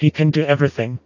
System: TTS, vocoder